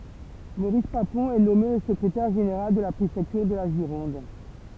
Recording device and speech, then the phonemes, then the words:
temple vibration pickup, read sentence
moʁis papɔ̃ ɛ nɔme lə səkʁetɛʁ ʒeneʁal də la pʁefɛktyʁ də la ʒiʁɔ̃d
Maurice Papon est nommé le secrétaire général de la préfecture de la Gironde.

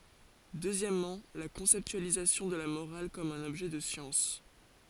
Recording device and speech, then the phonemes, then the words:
forehead accelerometer, read sentence
døzjɛmmɑ̃ la kɔ̃sɛptyalizasjɔ̃ də la moʁal kɔm œ̃n ɔbʒɛ də sjɑ̃s
Deuxièmement, la conceptualisation de la morale comme un objet de science.

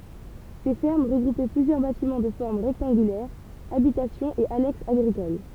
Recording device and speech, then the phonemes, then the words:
temple vibration pickup, read sentence
se fɛʁm ʁəɡʁupɛ plyzjœʁ batimɑ̃ də fɔʁm ʁɛktɑ̃ɡylɛʁ abitasjɔ̃z e anɛksz aɡʁikol
Ces fermes regroupaient plusieurs bâtiments de forme rectangulaire, habitations et annexes agricoles.

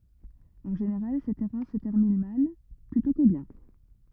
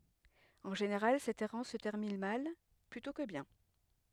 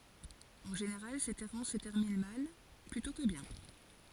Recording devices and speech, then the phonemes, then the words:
rigid in-ear microphone, headset microphone, forehead accelerometer, read sentence
ɑ̃ ʒeneʁal sɛt ɛʁɑ̃s sə tɛʁmin mal plytɔ̃ kə bjɛ̃
En général, cette errance se termine mal plutôt que bien.

